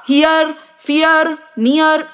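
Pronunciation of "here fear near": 'Here, fear, near' is pronounced incorrectly here.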